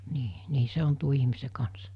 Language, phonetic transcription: Finnish, 'nii , 'nii se 'on tuo ihmise kans .
- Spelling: niin niin se on tuon ihmisen kanssa

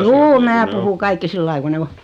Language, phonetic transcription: Finnish, juu 'mää puhu 'kaikki 'sillai ku 'ne "o .
- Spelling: juu minä puhun kaikki sillä lailla kun ne on

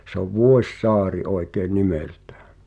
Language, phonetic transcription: Finnish, sᵉ ‿ov "Vuos̀"a̳a̳ri 'oi̬kee "nimeltᴀ̈ᴀ̈ .
- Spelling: se on Vuosaari oikea nimeltään

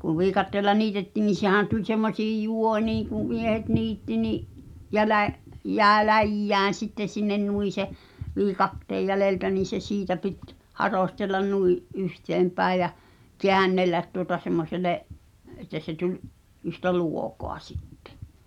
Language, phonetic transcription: Finnish, kuv "viikatteella "niitetti̳n nin̬ 'sehä̀n tuĺ semmośiij "jù̳ò̳niiŋ kù , miehet 'niitti ni’ , 'jälä- , 'jä̀e "läjjään̬ sitteⁿ̬ sinnen 'nui se , 'viikatteej jäleltä niin̬ se 'siitä 'pit , 'haròstellan nui’ , '’yhteempäi̬j̆ jä , "keännellät tuota semmosele’ , et̆tä se 'tuĺ’ , yhtä "luokoa sittᴇ .
- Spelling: kun viikatteella niitettiin niin sehän tuli semmoisiin juoniin kun miehet niitti niin - jäi läjään sitten sinne noin se viikatteen jäljeltä niin se siitä piti harostella noin yhteenpäin ja käännellä tuota semmoiselle että se tuli yhtä luokoa sitten

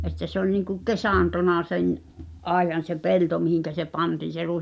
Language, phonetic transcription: Finnish, ’että se ‿o(ĺ) niiŋkuk "kesàntona 'sen , '’àejan̬ se 'pelto mihiŋkä se 'pantiin̬ se rùi(s) .
- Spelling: että se oli niin kuin kesantona sen ajan se pelto mihin se pantiin se ruis

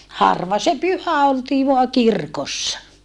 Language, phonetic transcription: Finnish, harva se pyhä oltii voa kirkossa .
- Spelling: harva se pyhä oltiin vain kirkossa

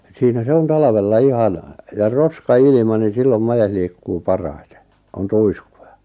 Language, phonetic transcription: Finnish, siinä 'se 'on "talavella "ihan , ja "roska₍'ilⁱma nin̬ 'sillom 'majes liikkuu 'paraitᴇ , on "tuiskujᴀ .
- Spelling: siinä se on talvella ihan ja roskailma niin silloin made liikkuu parhaiten on tuiskuja

